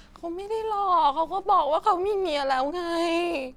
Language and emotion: Thai, sad